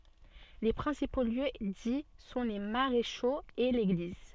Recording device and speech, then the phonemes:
soft in-ear microphone, read sentence
le pʁɛ̃sipo ljø di sɔ̃ le maʁeʃoz e leɡliz

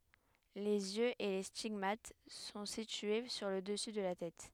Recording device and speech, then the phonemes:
headset microphone, read sentence
lez jøz e le stiɡmat sɔ̃ sitye syʁ lə dəsy də la tɛt

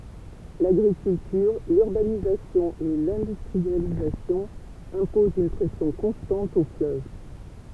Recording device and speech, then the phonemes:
temple vibration pickup, read sentence
laɡʁikyltyʁ lyʁbanizasjɔ̃ e lɛ̃dystʁializasjɔ̃ ɛ̃pozɑ̃ yn pʁɛsjɔ̃ kɔ̃stɑ̃t o fløv

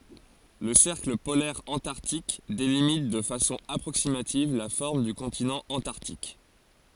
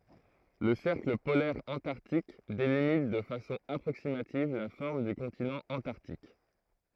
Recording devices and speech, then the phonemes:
forehead accelerometer, throat microphone, read sentence
lə sɛʁkl polɛʁ ɑ̃taʁtik delimit də fasɔ̃ apʁoksimativ la fɔʁm dy kɔ̃tinɑ̃ ɑ̃taʁtik

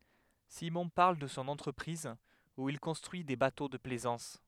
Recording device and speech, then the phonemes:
headset microphone, read sentence
simɔ̃ paʁl də sɔ̃ ɑ̃tʁəpʁiz u il kɔ̃stʁyi de bato də plɛzɑ̃s

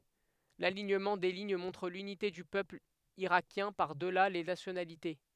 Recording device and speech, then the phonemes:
headset microphone, read sentence
laliɲəmɑ̃ de liɲ mɔ̃tʁ lynite dy pøpl iʁakjɛ̃ paʁ dəla le nasjonalite

